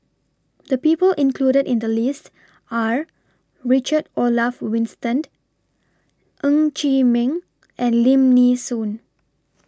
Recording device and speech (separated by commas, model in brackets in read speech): standing microphone (AKG C214), read sentence